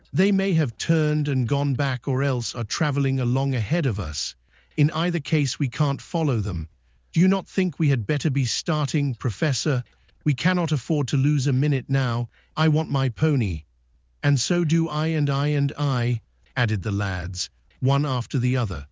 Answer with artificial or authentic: artificial